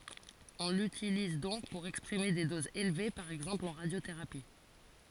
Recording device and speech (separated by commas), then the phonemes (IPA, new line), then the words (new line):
forehead accelerometer, read sentence
ɔ̃ lytiliz dɔ̃k puʁ ɛkspʁime de dozz elve paʁ ɛɡzɑ̃pl ɑ̃ ʁadjoteʁapi
On l'utilise donc pour exprimer des doses élevées, par exemple en radiothérapie.